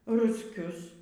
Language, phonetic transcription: Lithuanian, rusˈkius

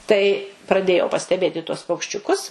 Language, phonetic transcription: Lithuanian, tai praˈdėjau pasteˈbėt i tuos paukščiuˈkus

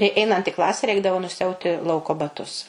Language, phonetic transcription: Lithuanian, i ˈeinant į ˈklase ˈreikdavo nusiˈauti ˈlauko baˈtus

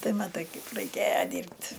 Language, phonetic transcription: Lithuanian, ˈtai maˈtai ˈkaip raiˈkėja ˈdyrbt'

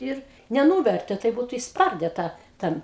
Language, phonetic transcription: Lithuanian, ˈir neˈnūvertė ˈtaip ˈbūtu išsˈparde ˈtą ˈten

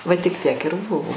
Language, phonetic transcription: Lithuanian, ˈva tik ˈtiek ir ˈbuvo

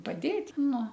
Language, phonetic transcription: Lithuanian, paˈdėt' ˈnu

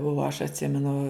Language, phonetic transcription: Lithuanian, o aš atˈsimenu

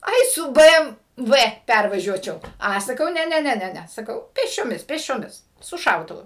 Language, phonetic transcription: Lithuanian, ˈai su ˈbɘ em ˈvɘ ˈpærvažiuočiau ˈa saˈkau ˈne ˈne ˈne ˈne ˈne saˈkau pėsčioˈmis pėsčioˈmis su ˈšautuvu

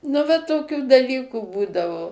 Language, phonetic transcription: Lithuanian, nu va toˈkių daˈlykų ˈbūdavo

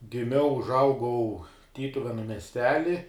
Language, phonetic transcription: Lithuanian, giˈmiau užˈaugau ˈtytuvenu mesˈteli

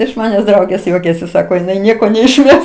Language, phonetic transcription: Lithuanian, iš maˈnęs ˈdraugės ˈjuokiasi ˈsako jiˈnai ˈnieko neišˈmes

